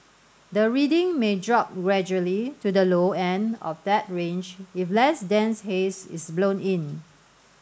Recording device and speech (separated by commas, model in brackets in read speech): standing microphone (AKG C214), read sentence